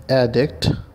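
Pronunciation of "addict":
'Addict' is pronounced correctly here.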